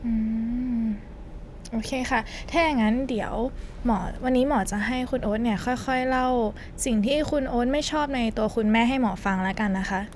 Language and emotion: Thai, neutral